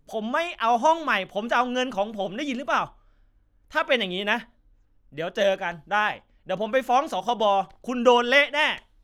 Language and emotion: Thai, angry